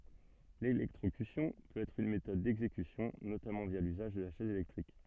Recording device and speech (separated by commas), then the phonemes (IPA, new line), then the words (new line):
soft in-ear microphone, read sentence
lelɛktʁokysjɔ̃ pøt ɛtʁ yn metɔd dɛɡzekysjɔ̃ notamɑ̃ vja lyzaʒ də la ʃɛz elɛktʁik
L'électrocution peut être une méthode d'exécution, notamment via l'usage de la chaise électrique.